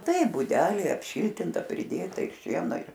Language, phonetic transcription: Lithuanian, ˈtai buˈdelė ˈapˈšyltinta priˈdėta ir ˈšieno ir

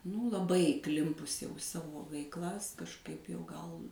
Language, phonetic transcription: Lithuanian, nū laˈbai įˈklimpus jau i ˈsavo veikˈlas kažˈkaip jau ˈgal

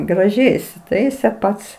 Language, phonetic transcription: Lithuanian, graˈžiai isiˈtaise ˈpats

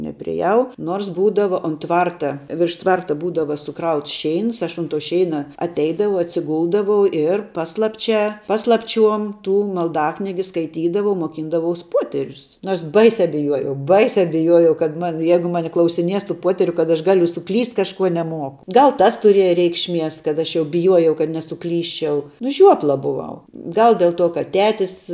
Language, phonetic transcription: Lithuanian, neprieˈjau ˈnors ˈbūdava un ˈtvarta virš ˈtvarta ˈbūdava suˈkrauts ˈšeins ˈaš unt tu ˈšeina atˈeidavau atsiˈguldavau ˈir ˈpaslapčia ˈpaslapˌčiuom ˈtų malˈdaknigi skaiˈtydavau muoˈkyndavaus ˈpuoterius nuors ˈbaisia biˈjuojau ˈbaisia biˈjuojau kad ˈman ˈjeigu ˈmane klausiˈnies tų ˈpuoteriu kad aš ˈgaliu suˈklyst' kažˈkuo neˈmuoku ˈgal ˈtas tuˈrieja ˈreikšˌmies kad ˈaš jau biˈjuojau kad nesuˈklysčiau nu ˈžiuopla buˈvau ˈgal ˈdel ˌtuo kad ˈtetis

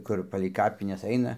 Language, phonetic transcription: Lithuanian, ˈkur palei ˈkapinesˈ aina

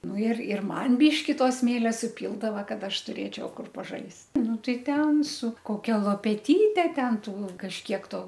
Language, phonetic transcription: Lithuanian, ˈnu ir ir ˈman ˈbyški ˈto ˈsmėlia suˈpyldava ˈkad ˈaš tuˈrėčiau ˈkur paˈžaist ˈnu ˈtai ˈten su koˈkia lopeˈtyte ˈten ˈtų kažˈkiek ˈto

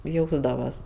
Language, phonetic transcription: Lithuanian, ˈjausdavas

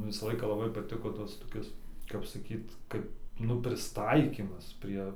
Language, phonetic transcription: Lithuanian, ˈvisa ˈlaika laˈbai paˈtiko ˈtas toˈkis kap saˈkyt ˈkap ˈnu prisˈtaikymas ˈprie

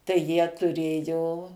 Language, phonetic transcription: Lithuanian, tai jie tuˈrėjo

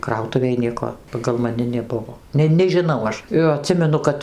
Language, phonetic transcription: Lithuanian, ˈkrautuvėj ˈnieko pagal maˈni neˈbuvo ˈne nežiˈnau ˈaš jo aˈtsimenu ˈkad

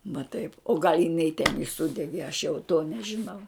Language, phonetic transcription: Lithuanian, va taip o gal' jiˈnai ten i ˈsudegė aš jau to nežiˈnau

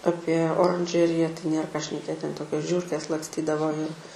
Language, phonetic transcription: Lithuanian, ˈapie oranˈžerija tai ˈnėr ką šneˈkėt ˈten ˈtokios ˈžiūrkės laksˈtydavo ir

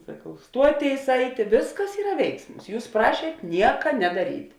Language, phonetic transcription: Lithuanian, saˈkau ˈstuoˌtėis ˈaitė ˈvisˌkas ˈyra ˈveiksmus ˈjūs ˈprašiet ˈnieka nedaˈryt'

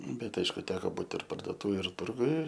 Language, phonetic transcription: Lithuanian, ˈbet ˈaišku ˈteko ˈbūt ir pardoˈtūvėj ir ˈturguj

